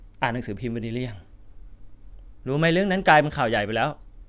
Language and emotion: Thai, sad